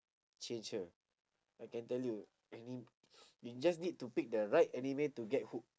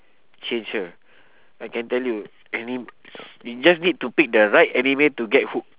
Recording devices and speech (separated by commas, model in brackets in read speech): standing microphone, telephone, conversation in separate rooms